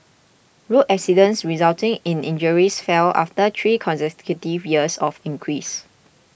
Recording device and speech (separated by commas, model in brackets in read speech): boundary microphone (BM630), read sentence